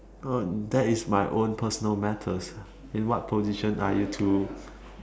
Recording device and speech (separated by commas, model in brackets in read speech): standing microphone, conversation in separate rooms